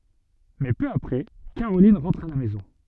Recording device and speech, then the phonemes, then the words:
soft in-ear microphone, read sentence
mɛ pø apʁɛ kaʁolin ʁɑ̃tʁ a la mɛzɔ̃
Mais peu après, Caroline rentre à la maison.

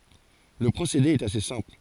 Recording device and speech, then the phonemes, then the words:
forehead accelerometer, read sentence
lə pʁosede ɛt ase sɛ̃pl
Le procédé est assez simple.

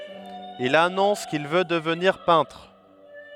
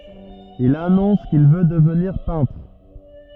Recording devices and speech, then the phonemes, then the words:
headset microphone, rigid in-ear microphone, read sentence
il anɔ̃s kil vø dəvniʁ pɛ̃tʁ
Il annonce qu'il veut devenir peintre.

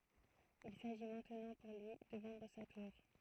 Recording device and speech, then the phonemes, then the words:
throat microphone, read sentence
il saʒi mɛ̃tnɑ̃ puʁ lyi də vɑ̃dʁ sa tuʁ
Il s'agit maintenant pour lui de vendre sa tour.

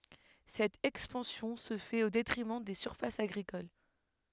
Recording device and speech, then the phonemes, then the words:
headset microphone, read sentence
sɛt ɛkspɑ̃sjɔ̃ sə fɛt o detʁimɑ̃ de syʁfasz aɡʁikol
Cette expansion se fait au détriment des surfaces agricoles.

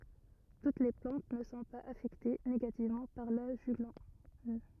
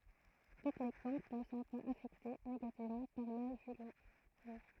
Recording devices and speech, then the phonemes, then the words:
rigid in-ear microphone, throat microphone, read sentence
tut le plɑ̃t nə sɔ̃ paz afɛkte neɡativmɑ̃ paʁ la ʒyɡlɔn
Toutes les plantes ne sont pas affectées négativement par la juglone.

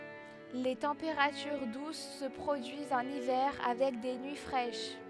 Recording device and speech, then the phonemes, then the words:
headset microphone, read sentence
le tɑ̃peʁatyʁ dus sə pʁodyizt ɑ̃n ivɛʁ avɛk de nyi fʁɛʃ
Les températures douces se produisent en hiver avec des nuits fraîches.

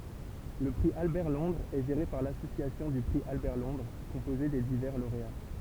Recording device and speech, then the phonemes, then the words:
temple vibration pickup, read sentence
lə pʁi albɛʁtlɔ̃dʁz ɛ ʒeʁe paʁ lasosjasjɔ̃ dy pʁi albɛʁtlɔ̃dʁ kɔ̃poze de divɛʁ loʁea
Le prix Albert-Londres est géré par l'Association du prix Albert-Londres, composée des divers lauréats.

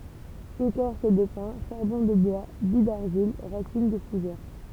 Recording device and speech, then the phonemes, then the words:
temple vibration pickup, read sentence
ekɔʁs də pɛ̃ ʃaʁbɔ̃ də bwa bij daʁʒil ʁasin də fuʒɛʁ
Écorce de pin, charbon de bois, billes d'argile, racines de fougères.

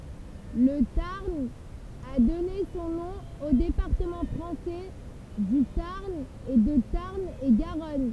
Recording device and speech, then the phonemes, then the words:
temple vibration pickup, read sentence
lə taʁn a dɔne sɔ̃ nɔ̃ o depaʁtəmɑ̃ fʁɑ̃sɛ dy taʁn e də taʁn e ɡaʁɔn
Le Tarn a donné son nom aux départements français du Tarn et de Tarn-et-Garonne.

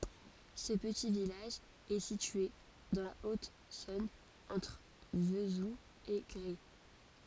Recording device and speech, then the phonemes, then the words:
forehead accelerometer, read sentence
sə pəti vilaʒ ɛ sitye dɑ̃ la otzɔ̃n ɑ̃tʁ vəzul e ɡʁɛ
Ce petit village est situé dans la Haute-Saône entre Vesoul et Gray.

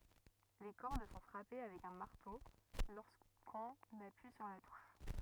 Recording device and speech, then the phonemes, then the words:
rigid in-ear microphone, read sentence
le kɔʁd sɔ̃ fʁape avɛk œ̃ maʁto loʁskɔ̃n apyi syʁ la tuʃ
Les cordes sont frappées avec un marteau lorsqu'on appuie sur la touche.

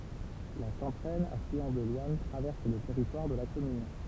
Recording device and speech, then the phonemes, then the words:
temple vibration pickup, read sentence
la ʃɑ̃tʁɛn aflyɑ̃ də lwan tʁavɛʁs lə tɛʁitwaʁ də la kɔmyn
La Chanteraine, affluent de l'Ouanne, traverse le territoire de la commune.

